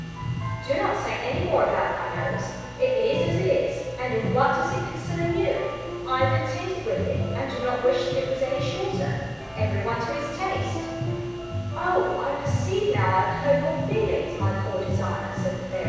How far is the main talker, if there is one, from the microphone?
7.1 m.